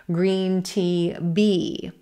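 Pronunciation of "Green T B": The last word is said as B, as in 'boy', without a puff of air, so it sounds like B rather than P.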